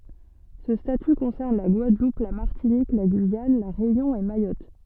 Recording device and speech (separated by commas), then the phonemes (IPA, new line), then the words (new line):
soft in-ear microphone, read sentence
sə staty kɔ̃sɛʁn la ɡwadlup la maʁtinik la ɡyijan la ʁeynjɔ̃ e majɔt
Ce statut concerne la Guadeloupe, la Martinique, la Guyane, La Réunion et Mayotte.